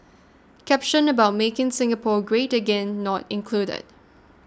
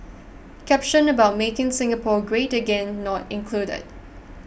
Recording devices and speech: standing microphone (AKG C214), boundary microphone (BM630), read sentence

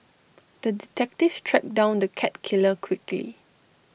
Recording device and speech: boundary microphone (BM630), read sentence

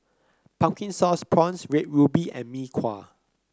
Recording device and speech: close-talking microphone (WH30), read sentence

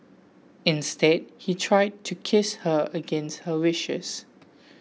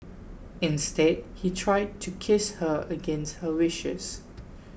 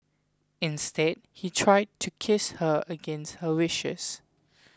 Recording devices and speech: mobile phone (iPhone 6), boundary microphone (BM630), close-talking microphone (WH20), read sentence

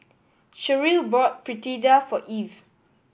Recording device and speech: boundary microphone (BM630), read sentence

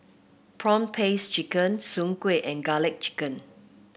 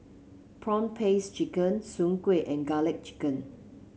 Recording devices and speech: boundary microphone (BM630), mobile phone (Samsung C7), read sentence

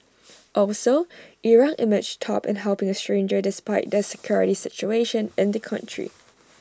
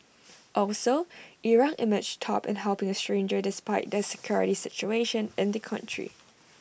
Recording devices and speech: standing microphone (AKG C214), boundary microphone (BM630), read sentence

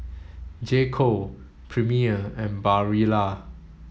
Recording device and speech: mobile phone (Samsung S8), read sentence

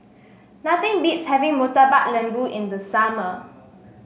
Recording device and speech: mobile phone (Samsung S8), read sentence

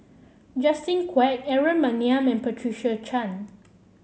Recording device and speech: mobile phone (Samsung C7), read sentence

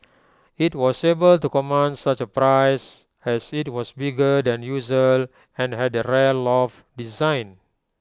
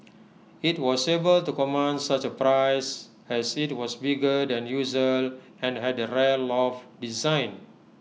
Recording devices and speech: close-talking microphone (WH20), mobile phone (iPhone 6), read sentence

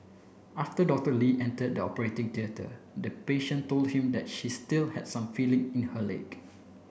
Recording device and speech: boundary microphone (BM630), read sentence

